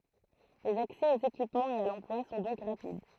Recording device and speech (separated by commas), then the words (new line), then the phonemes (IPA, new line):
throat microphone, read sentence
Les accès aux équipements et à l'emploi sont donc rapides.
lez aksɛ oz ekipmɑ̃z e a lɑ̃plwa sɔ̃ dɔ̃k ʁapid